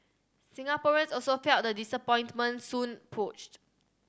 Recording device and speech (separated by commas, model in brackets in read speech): standing microphone (AKG C214), read sentence